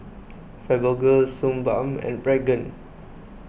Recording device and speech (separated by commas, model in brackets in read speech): boundary microphone (BM630), read sentence